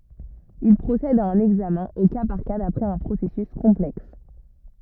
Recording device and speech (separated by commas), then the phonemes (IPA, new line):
rigid in-ear microphone, read sentence
il pʁosɛd a œ̃n ɛɡzamɛ̃ o ka paʁ ka dapʁɛz œ̃ pʁosɛsys kɔ̃plɛks